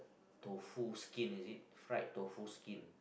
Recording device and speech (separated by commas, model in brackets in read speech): boundary microphone, conversation in the same room